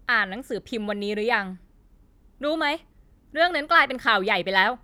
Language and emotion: Thai, frustrated